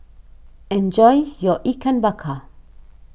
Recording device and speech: boundary microphone (BM630), read sentence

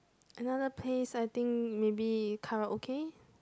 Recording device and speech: close-talking microphone, conversation in the same room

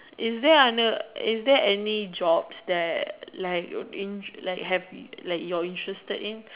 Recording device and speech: telephone, conversation in separate rooms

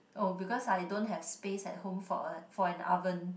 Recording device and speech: boundary microphone, conversation in the same room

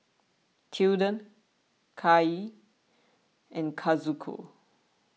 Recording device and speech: mobile phone (iPhone 6), read sentence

